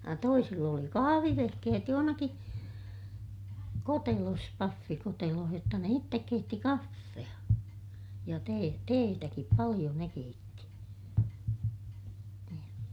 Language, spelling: Finnish, ja toisilla oli kahvivehkeet jossakin kotelossa pahvikotelossa jotta ne itse keitti kahvia ja - teetäkin paljon ne keitti niin
- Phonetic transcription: ja toisill ‿oli kahavivehkehet johonaki , kotelos , paffikoteloh jotta ne ittek keitti kaffe₍a , ja tee- , teetäkip paliʲo ne keitti , niin .

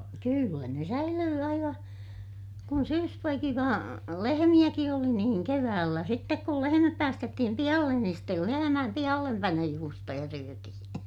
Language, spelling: Finnish, kyllä ne säilyi aivan kun syyspoikiva lehmiäkin oli niin keväällä sitten kun lehmät päästettiin pihalle niin sitten lehmien pihallepanojuustoja syötiin
- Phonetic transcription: kyllä ne säilyy aiva , kun syyspoikiva , lehemiʲäki oli niiŋ keväällä sittek kul lehemäp päästettihim pihallen niin stel lehemääm pihallempanojuustoja syötihin̬ .

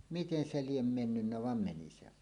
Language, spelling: Finnish, miten se lie mennyt vaan meni se vain
- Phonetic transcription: miten 'se "liem "mennynnä 'vam 'meni se vàen .

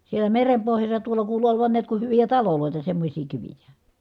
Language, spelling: Finnish, siellä meren pohjassa tuolla kuului olevan näet kun hyviä taloja semmoisia kiviä
- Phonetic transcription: sielä merem pohjassa tuola kuulu olovan niät ku hyvijä talolòita semmośii kivijä .

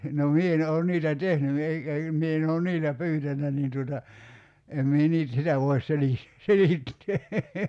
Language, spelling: Finnish, no minä en olen niitä tehnyt ei eikä minä en ole niillä pyytänyt niin tuota en minä - sitä voi - selittää
- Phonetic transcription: no 'mie en oon 'niitä "tehny ei , ei(kä) 'mie en oo "niillä "pyytännä niin tuota , 'em mie 'niit- , 'sitä voi̬s 'selih- , 'selittee .

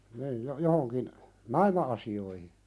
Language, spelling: Finnish, niin - johonkin naima-asioihin
- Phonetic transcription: niij jo- , 'johoŋkin , "naima₍asi₍oihi .

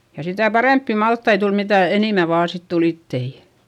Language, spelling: Finnish, ja sitä parempia maltaita tuli mitä enemmän vain sitten tuli iteitä
- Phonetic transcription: ja sitä̀ parèmppi malttai tul mitä̀ enìmä vaa sit tul ‿ittei .

